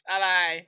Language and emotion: Thai, neutral